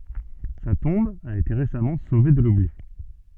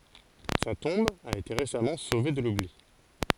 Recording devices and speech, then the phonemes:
soft in-ear microphone, forehead accelerometer, read sentence
sa tɔ̃b a ete ʁesamɑ̃ sove də lubli

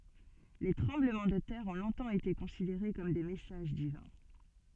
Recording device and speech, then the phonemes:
soft in-ear microphone, read sentence
le tʁɑ̃bləmɑ̃ də tɛʁ ɔ̃ lɔ̃tɑ̃ ete kɔ̃sideʁe kɔm de mɛsaʒ divɛ̃

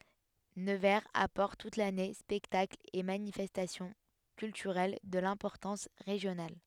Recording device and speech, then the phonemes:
headset microphone, read sentence
nəvɛʁz apɔʁt tut lane spɛktaklz e manifɛstasjɔ̃ kyltyʁɛl də lɛ̃pɔʁtɑ̃s ʁeʒjonal

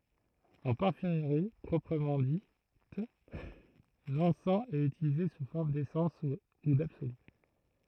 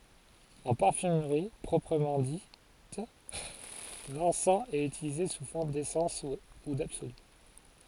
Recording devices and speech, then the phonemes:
throat microphone, forehead accelerometer, read sentence
ɑ̃ paʁfymʁi pʁɔpʁəmɑ̃ dit lɑ̃sɑ̃ ɛt ytilize su fɔʁm desɑ̃s u dabsoly

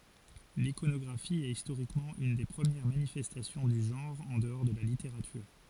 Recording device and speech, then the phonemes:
forehead accelerometer, read sentence
likonɔɡʁafi ɛt istoʁikmɑ̃ yn de pʁəmjɛʁ manifɛstasjɔ̃ dy ʒɑ̃ʁ ɑ̃ dəɔʁ də la liteʁatyʁ

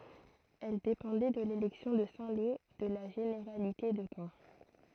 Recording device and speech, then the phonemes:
throat microphone, read sentence
ɛl depɑ̃dɛ də lelɛksjɔ̃ də sɛ̃ lo də la ʒeneʁalite də kɑ̃

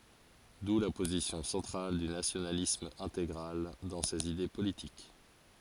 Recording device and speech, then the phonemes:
forehead accelerometer, read sentence
du la pozisjɔ̃ sɑ̃tʁal dy nasjonalism ɛ̃teɡʁal dɑ̃ sez ide politik

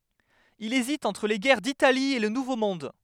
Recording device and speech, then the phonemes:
headset microphone, read sentence
il ezit ɑ̃tʁ le ɡɛʁ ditali e lə nuvo mɔ̃d

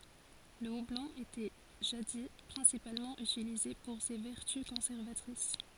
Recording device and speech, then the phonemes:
forehead accelerometer, read sentence
lə ublɔ̃ etɛ ʒadi pʁɛ̃sipalmɑ̃ ytilize puʁ se vɛʁty kɔ̃sɛʁvatʁis

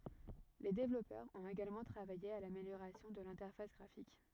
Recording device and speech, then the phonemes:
rigid in-ear microphone, read sentence
le devlɔpœʁz ɔ̃t eɡalmɑ̃ tʁavaje a lameljoʁasjɔ̃ də lɛ̃tɛʁfas ɡʁafik

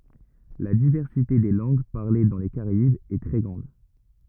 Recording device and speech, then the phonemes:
rigid in-ear microphone, read sentence
la divɛʁsite de lɑ̃ɡ paʁle dɑ̃ le kaʁaibz ɛ tʁɛ ɡʁɑ̃d

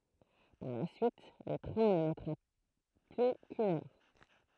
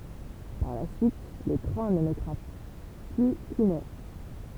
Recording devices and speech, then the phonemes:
throat microphone, temple vibration pickup, read sentence
paʁ la syit lə tʁɛ̃ nə mɛtʁa ply kyn œʁ

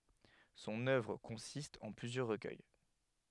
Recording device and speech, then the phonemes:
headset microphone, read sentence
sɔ̃n œvʁ kɔ̃sist ɑ̃ plyzjœʁ ʁəkœj

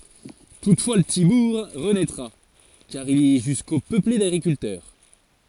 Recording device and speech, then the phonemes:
forehead accelerometer, read sentence
tutfwa lə pəti buʁ ʁənɛtʁa kaʁ il ɛ ʒysko pøple daɡʁikyltœʁ

